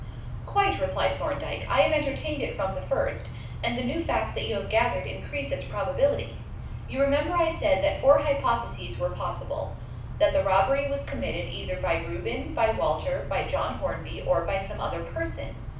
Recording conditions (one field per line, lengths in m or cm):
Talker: one person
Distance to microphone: 5.8 m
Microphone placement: far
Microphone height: 1.8 m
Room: medium-sized (5.7 m by 4.0 m)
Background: none